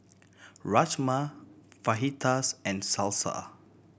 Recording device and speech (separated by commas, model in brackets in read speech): boundary microphone (BM630), read sentence